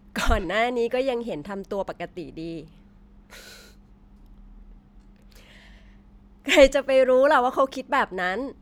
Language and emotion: Thai, happy